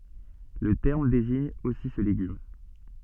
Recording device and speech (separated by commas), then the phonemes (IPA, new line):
soft in-ear microphone, read sentence
lə tɛʁm deziɲ osi sə leɡym